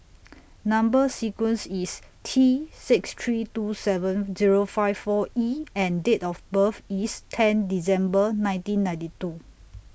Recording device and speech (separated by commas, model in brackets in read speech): boundary microphone (BM630), read sentence